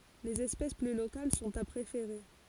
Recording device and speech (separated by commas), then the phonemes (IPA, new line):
forehead accelerometer, read sentence
lez ɛspɛs ply lokal sɔ̃t a pʁefeʁe